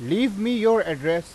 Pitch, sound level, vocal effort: 205 Hz, 97 dB SPL, very loud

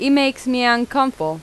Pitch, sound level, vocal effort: 255 Hz, 89 dB SPL, loud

